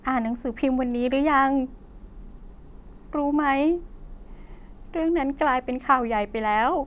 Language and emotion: Thai, sad